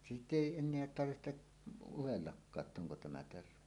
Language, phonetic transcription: Finnish, sitᵗ ‿èi 'en̆neä tarvihteˀ , 'uwellakkaa ‿t"t ‿oŋko 'tämä 'terve .
- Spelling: sitä ei enää tarvitse udellakaan jotta onko tämä terve

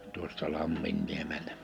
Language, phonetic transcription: Finnish, 'tuosta 'lamminnlemeltᴀ̈ .
- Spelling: tuosta Lamminniemeltä

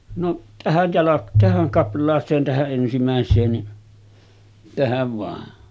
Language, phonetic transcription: Finnish, no’ , 'tähäj jalak- tähäŋ 'kapl̆laaseen tähä’ ’ensimä̀es̆seen ni , 'tähäv vàe .
- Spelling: no tähän - tähän kaplaaseen tähän ensimmäiseen niin tähän vain

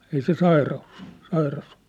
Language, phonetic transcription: Finnish, ei se 'saira₍us ‿ᴏʟʟᴜ , 'sairas ‿ᴏʟʟᴜ .
- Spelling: ei se sairaus ollut sairas ollut

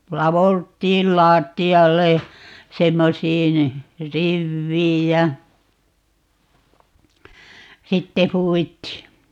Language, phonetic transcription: Finnish, 'lavolt̀iil "laatti₍allej ja , 'semmosiin , "rivviij ja , "sitte 'huuwittii .
- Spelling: ladeltiin lattialle ja semmoisiin riveihin ja sitten huudittiin

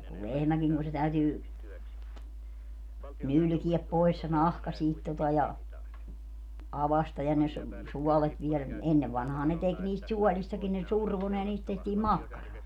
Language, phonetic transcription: Finnish, ja ku 'lehmäkiŋ ku se 'täytyy , 'nylkiɛp 'pois se "nahka siit tota ja , 'avasta ja ne su- , 'suɔlet vielä ni - "ennev vanhaa ne 'tek niist "suɔlistakin ne "survo ne ja 'niist tehtii "makkaraa .
- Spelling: ja kun lehmäkin kun se täytyy nylkeä pois se nahka siitä tuota ja aukaista ja ne - suolet viedä niin ennen vanhaan ne teki niistä suolistakin ne survoi ne ja niistä tehtiin makkaraa

